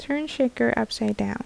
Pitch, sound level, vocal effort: 220 Hz, 74 dB SPL, soft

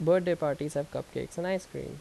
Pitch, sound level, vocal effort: 170 Hz, 84 dB SPL, normal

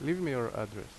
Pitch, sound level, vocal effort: 120 Hz, 82 dB SPL, loud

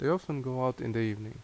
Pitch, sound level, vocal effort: 130 Hz, 79 dB SPL, normal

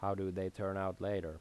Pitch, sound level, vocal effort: 95 Hz, 83 dB SPL, normal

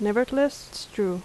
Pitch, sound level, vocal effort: 245 Hz, 80 dB SPL, soft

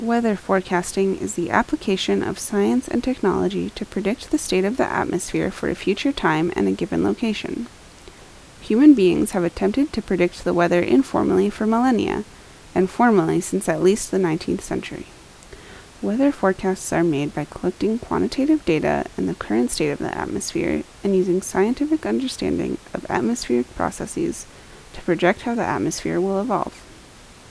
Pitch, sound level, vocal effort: 195 Hz, 76 dB SPL, soft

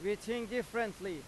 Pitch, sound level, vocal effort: 230 Hz, 95 dB SPL, very loud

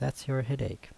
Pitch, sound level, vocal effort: 115 Hz, 75 dB SPL, soft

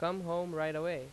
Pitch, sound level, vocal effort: 170 Hz, 90 dB SPL, loud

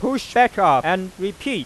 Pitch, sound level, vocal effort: 235 Hz, 100 dB SPL, very loud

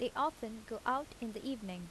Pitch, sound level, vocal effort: 230 Hz, 81 dB SPL, normal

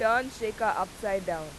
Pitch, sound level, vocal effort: 210 Hz, 94 dB SPL, very loud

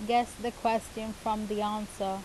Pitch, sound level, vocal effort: 220 Hz, 83 dB SPL, normal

